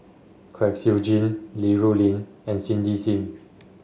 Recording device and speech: mobile phone (Samsung S8), read sentence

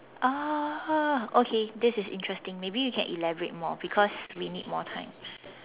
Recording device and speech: telephone, conversation in separate rooms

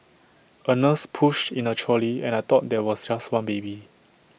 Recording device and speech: boundary microphone (BM630), read sentence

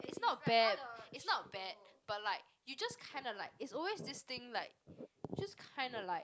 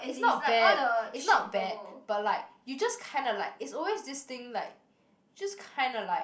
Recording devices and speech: close-talking microphone, boundary microphone, conversation in the same room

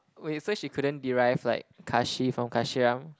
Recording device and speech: close-talking microphone, conversation in the same room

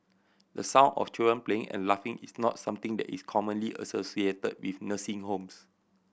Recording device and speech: boundary microphone (BM630), read sentence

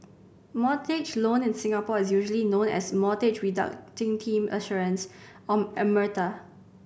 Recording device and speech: boundary microphone (BM630), read sentence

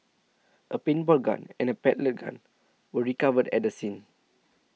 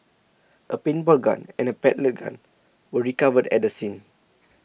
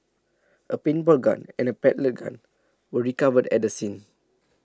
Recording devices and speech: mobile phone (iPhone 6), boundary microphone (BM630), standing microphone (AKG C214), read sentence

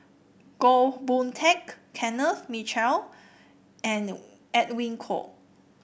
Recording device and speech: boundary microphone (BM630), read sentence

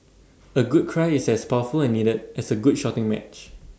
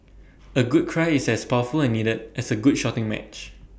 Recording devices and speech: standing microphone (AKG C214), boundary microphone (BM630), read sentence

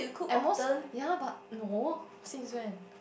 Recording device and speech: boundary microphone, conversation in the same room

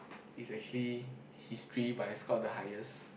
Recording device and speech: boundary microphone, conversation in the same room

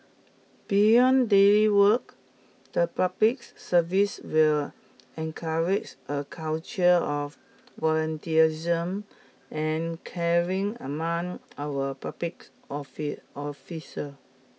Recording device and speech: mobile phone (iPhone 6), read sentence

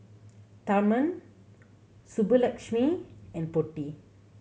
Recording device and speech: mobile phone (Samsung C7100), read sentence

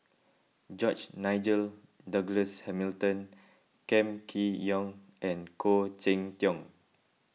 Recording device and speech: mobile phone (iPhone 6), read sentence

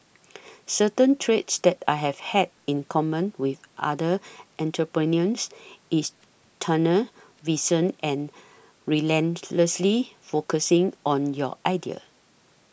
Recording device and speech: boundary microphone (BM630), read sentence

